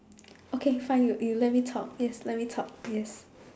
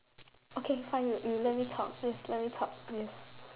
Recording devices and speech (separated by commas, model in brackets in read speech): standing microphone, telephone, conversation in separate rooms